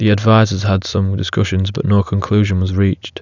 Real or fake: real